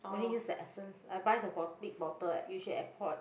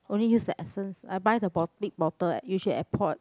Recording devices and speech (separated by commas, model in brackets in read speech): boundary microphone, close-talking microphone, conversation in the same room